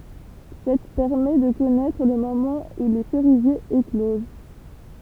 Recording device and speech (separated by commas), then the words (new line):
temple vibration pickup, read sentence
Cette permet de connaître le moment où les cerisiers éclosent.